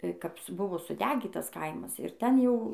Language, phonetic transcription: Lithuanian, kap su ˈbuvo suˈdegytas ˈkaimas ir ˈten ˈjau

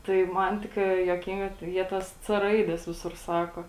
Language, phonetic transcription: Lithuanian, tai ˈman tikˈrai juoˈkinga tai ˈjie ˈtas c ˈraides ˈvisur ˈsako

